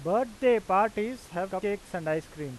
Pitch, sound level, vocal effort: 190 Hz, 94 dB SPL, loud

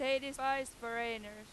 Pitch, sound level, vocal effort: 235 Hz, 99 dB SPL, very loud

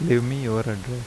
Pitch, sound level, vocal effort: 120 Hz, 82 dB SPL, soft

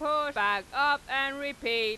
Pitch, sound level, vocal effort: 275 Hz, 103 dB SPL, very loud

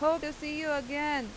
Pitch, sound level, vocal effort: 300 Hz, 94 dB SPL, very loud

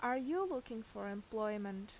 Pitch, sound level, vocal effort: 220 Hz, 84 dB SPL, loud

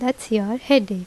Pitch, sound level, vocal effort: 240 Hz, 82 dB SPL, normal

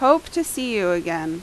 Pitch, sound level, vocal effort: 220 Hz, 88 dB SPL, very loud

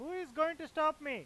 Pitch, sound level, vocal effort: 310 Hz, 101 dB SPL, loud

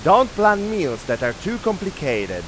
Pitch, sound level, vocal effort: 200 Hz, 98 dB SPL, very loud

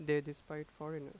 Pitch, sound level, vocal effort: 150 Hz, 87 dB SPL, normal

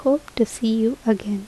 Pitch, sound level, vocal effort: 225 Hz, 73 dB SPL, soft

